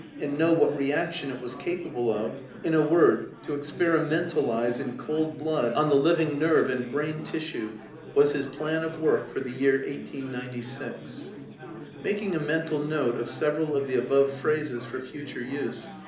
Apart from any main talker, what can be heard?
Crowd babble.